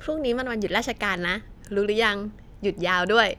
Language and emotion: Thai, happy